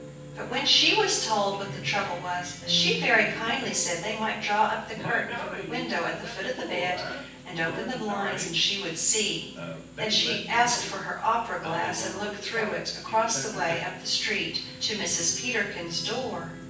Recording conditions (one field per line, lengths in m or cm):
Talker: one person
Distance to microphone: 9.8 m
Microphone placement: far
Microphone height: 1.8 m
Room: large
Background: television